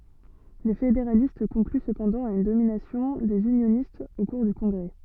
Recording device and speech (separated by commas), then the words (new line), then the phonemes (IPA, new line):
soft in-ear microphone, read sentence
Les fédéralistes concluent cependant à une domination des unionistes au cours du Congrès.
le fedeʁalist kɔ̃kly səpɑ̃dɑ̃ a yn dominasjɔ̃ dez ynjonistz o kuʁ dy kɔ̃ɡʁɛ